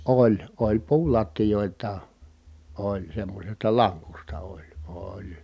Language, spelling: Finnish, oli oli puulattioitakin oli semmoisesta lankusta oli oli
- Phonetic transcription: oĺ , oĺ puulattijòitaa , oĺ semmośesta laŋkusta oĺ , ooĺ .

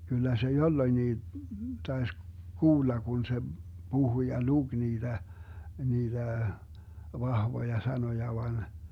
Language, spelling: Finnish, kyllä se jolloinkin taisi kuulla kun se puhui ja luki niitä niitä vahvoja sanoja vain
- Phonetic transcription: kyllä se 'jolloⁱnnii , 'taes "kuulla 'kun se , "Buhu ja "luG 'niiDä , 'niiDä , 'vahvoja 'sanoja van .

